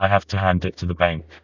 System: TTS, vocoder